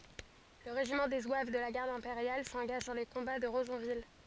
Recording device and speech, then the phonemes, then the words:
forehead accelerometer, read sentence
lə ʁeʒimɑ̃ de zwav də la ɡaʁd ɛ̃peʁjal sɑ̃ɡaʒ dɑ̃ le kɔ̃ba də ʁəzɔ̃vil
Le régiment des zouaves de la Garde impériale s’engage dans les combats de Rezonville.

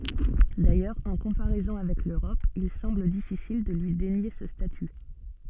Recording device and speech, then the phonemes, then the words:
soft in-ear microphone, read sentence
dajœʁz ɑ̃ kɔ̃paʁɛzɔ̃ avɛk løʁɔp il sɑ̃bl difisil də lyi denje sə staty
D'ailleurs, en comparaison avec l'Europe, il semble difficile de lui dénier ce statut.

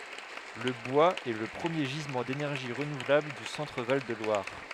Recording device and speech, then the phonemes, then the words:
headset microphone, read sentence
lə bwaz ɛ lə pʁəmje ʒizmɑ̃ denɛʁʒi ʁənuvlabl dy sɑ̃tʁ val də lwaʁ
Le bois est le premier gisement d’énergie renouvelable du Centre-Val de Loire.

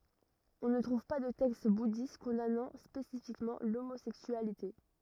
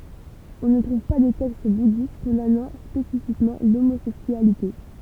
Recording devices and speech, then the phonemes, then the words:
rigid in-ear microphone, temple vibration pickup, read sentence
ɔ̃ nə tʁuv pa də tɛkst budist kɔ̃danɑ̃ spesifikmɑ̃ lomozɛksyalite
On ne trouve pas de texte bouddhiste condamnant spécifiquement l'homosexualité.

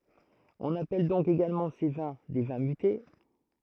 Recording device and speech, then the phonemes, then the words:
throat microphone, read sentence
ɔ̃n apɛl dɔ̃k eɡalmɑ̃ se vɛ̃ de vɛ̃ myte
On appelle donc également ces vins des vins mutés.

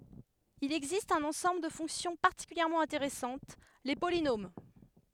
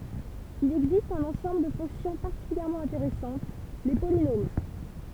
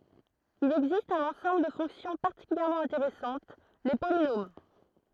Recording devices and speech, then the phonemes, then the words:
headset microphone, temple vibration pickup, throat microphone, read sentence
il ɛɡzist œ̃n ɑ̃sɑ̃bl də fɔ̃ksjɔ̃ paʁtikyljɛʁmɑ̃ ɛ̃teʁɛsɑ̃t le polinom
Il existe un ensemble de fonctions particulièrement intéressantes, les polynômes.

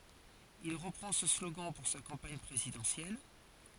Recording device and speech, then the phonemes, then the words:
forehead accelerometer, read sentence
il ʁəpʁɑ̃ sə sloɡɑ̃ puʁ sa kɑ̃paɲ pʁezidɑ̃sjɛl
Il reprend ce slogan pour sa campagne présidentielle.

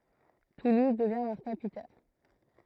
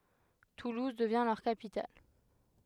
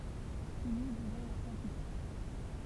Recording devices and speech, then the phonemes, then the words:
throat microphone, headset microphone, temple vibration pickup, read sentence
tuluz dəvjɛ̃ lœʁ kapital
Toulouse devient leur capitale.

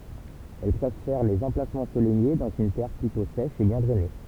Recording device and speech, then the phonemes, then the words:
temple vibration pickup, read sentence
ɛl pʁefɛʁ lez ɑ̃plasmɑ̃z ɑ̃solɛje dɑ̃z yn tɛʁ plytɔ̃ sɛʃ e bjɛ̃ dʁɛne
Elle préfère les emplacements ensoleillés dans une terre plutôt sèche et bien drainée.

